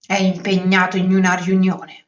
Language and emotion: Italian, angry